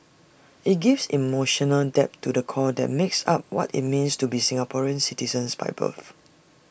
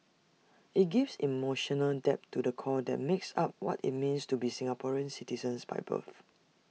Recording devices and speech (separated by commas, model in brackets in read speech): boundary microphone (BM630), mobile phone (iPhone 6), read sentence